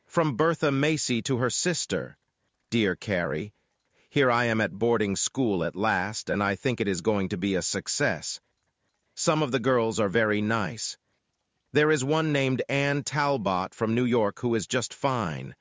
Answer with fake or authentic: fake